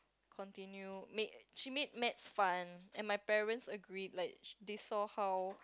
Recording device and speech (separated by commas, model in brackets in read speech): close-talking microphone, conversation in the same room